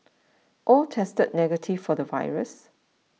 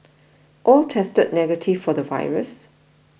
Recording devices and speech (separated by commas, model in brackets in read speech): mobile phone (iPhone 6), boundary microphone (BM630), read sentence